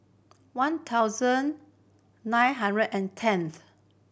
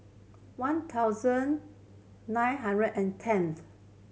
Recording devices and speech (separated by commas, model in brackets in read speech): boundary microphone (BM630), mobile phone (Samsung C7100), read sentence